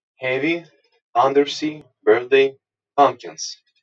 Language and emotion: English, neutral